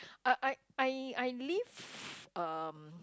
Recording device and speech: close-talking microphone, conversation in the same room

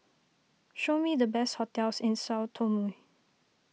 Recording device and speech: mobile phone (iPhone 6), read sentence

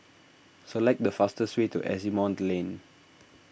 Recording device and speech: boundary microphone (BM630), read sentence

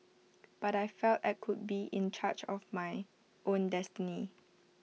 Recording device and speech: mobile phone (iPhone 6), read sentence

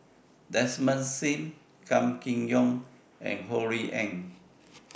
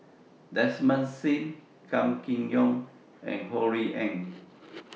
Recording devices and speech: boundary microphone (BM630), mobile phone (iPhone 6), read sentence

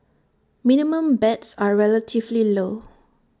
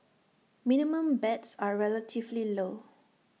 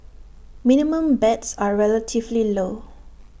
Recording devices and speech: standing microphone (AKG C214), mobile phone (iPhone 6), boundary microphone (BM630), read sentence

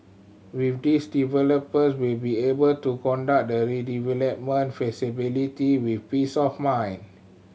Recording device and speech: mobile phone (Samsung C7100), read sentence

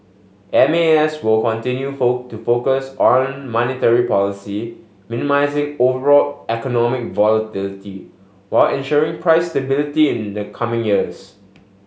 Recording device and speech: mobile phone (Samsung S8), read sentence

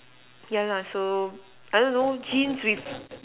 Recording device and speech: telephone, conversation in separate rooms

